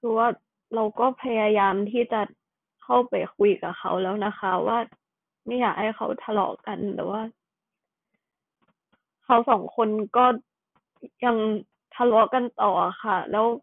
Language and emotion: Thai, sad